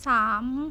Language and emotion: Thai, neutral